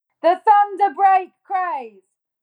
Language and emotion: English, angry